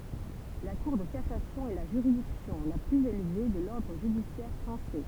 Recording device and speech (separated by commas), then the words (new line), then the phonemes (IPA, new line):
temple vibration pickup, read sentence
La Cour de cassation est la juridiction la plus élevée de l'ordre judiciaire français.
la kuʁ də kasasjɔ̃ ɛ la ʒyʁidiksjɔ̃ la plyz elve də lɔʁdʁ ʒydisjɛʁ fʁɑ̃sɛ